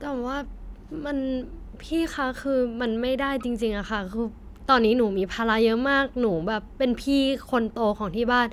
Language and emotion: Thai, frustrated